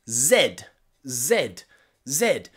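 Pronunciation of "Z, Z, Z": The letter Z is said three times in the way used outside the USA, not the American way.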